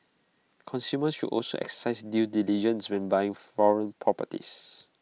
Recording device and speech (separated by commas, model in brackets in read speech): mobile phone (iPhone 6), read sentence